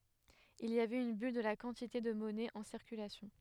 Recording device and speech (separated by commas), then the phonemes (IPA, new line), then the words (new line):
headset microphone, read sentence
il i avɛt yn byl də la kɑ̃tite də mɔnɛ ɑ̃ siʁkylasjɔ̃
Il y avait une bulle de la quantité de monnaie en circulation.